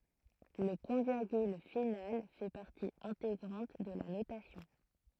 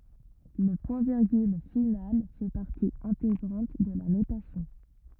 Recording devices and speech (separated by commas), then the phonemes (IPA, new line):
throat microphone, rigid in-ear microphone, read sentence
lə pwɛ̃tviʁɡyl final fɛ paʁti ɛ̃teɡʁɑ̃t də la notasjɔ̃